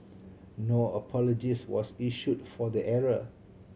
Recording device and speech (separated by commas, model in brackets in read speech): mobile phone (Samsung C7100), read sentence